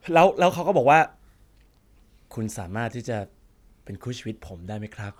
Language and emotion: Thai, happy